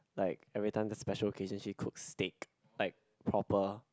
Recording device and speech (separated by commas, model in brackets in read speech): close-talking microphone, conversation in the same room